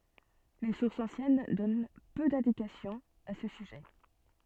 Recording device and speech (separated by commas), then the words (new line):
soft in-ear microphone, read sentence
Les sources anciennes donnent peu d'indications à ce sujet.